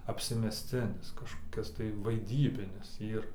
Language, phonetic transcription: Lithuanian, apsimesˈcinis kažkoˈkis tai vaiˈdybinis ˈyr

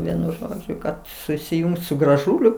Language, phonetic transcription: Lithuanian, ˈvienu ˈžodžiu kad susiˈjungs su graˈžūliu

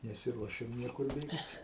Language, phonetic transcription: Lithuanian, nesiˈruošiam ˈniekur ˈbėgt

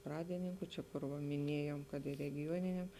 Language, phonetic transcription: Lithuanian, ˈpradininku ˈčia kur ˈva miˈniejom ˈkad i regiˈjuoniniam

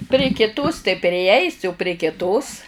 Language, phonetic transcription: Lithuanian, pri kiˈtos tai priˈeisi u prie kiˈtos

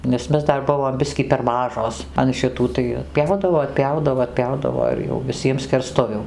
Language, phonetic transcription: Lithuanian, nes ˈmes ˈdar ˈbuvom ˈbiskį per ˈmažos an šiˈtų tai atˈpjaudavo atˈpjaudavo atˈpjaudavo ir jau viˈsiem skerˈstuvių

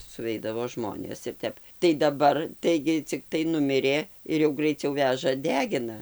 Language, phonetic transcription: Lithuanian, suˈveidavo ˈžmonės ir ˈtep tai daˈbar ˈtaigi cikˈtai ˈnumirė ir jau graiˈciau ˈvæža ˈdegina

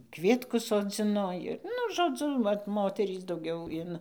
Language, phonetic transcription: Lithuanian, ˈkvietkus soˈdzino ir ˈnu žoˈdzu ˈvat ˈmoterys dauˈgiau in

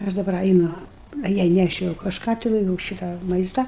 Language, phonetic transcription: Lithuanian, i ˈaš daˈbar aiˈnu a ˈjai neˈšiau kažˈką tiˈnai jūu ˈšitą ˈmaista

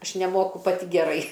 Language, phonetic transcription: Lithuanian, ˈaš neˈmoku paˈti geˈrai

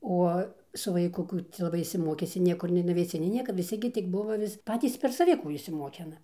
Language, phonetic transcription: Lithuanian, ˈuo su vaiˈku ˈkų cia laˈbai išsiˈmokisi ˈniekur nei nuveiˈsi nei ˈnieka viˈsi gi tik ˈbuva vis ˈpatys ˈper saˈvi ˈkų išsiˈmokina

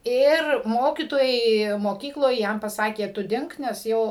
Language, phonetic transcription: Lithuanian, ˈir ˈmokytojai moˈkykloj ˈjam paˈsakė ˈtu ˈdink nes ˈjau

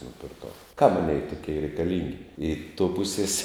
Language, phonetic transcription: Lithuanian, nupirˈkau kam ˈaˌnėi tuˈkei reikaˈlingi i to ˈpusės

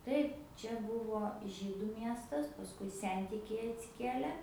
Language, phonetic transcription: Lithuanian, ˈtaip ˈčia ˈbuvo ˈžydu ˈmiestas pasˈkui ˈsentikiai atsiˈkiele

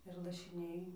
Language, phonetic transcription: Lithuanian, ir lašiˈniai

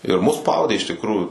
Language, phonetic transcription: Lithuanian, ir mus ˈspaudė iš tikˈrųjų

